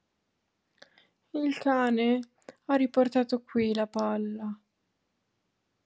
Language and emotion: Italian, sad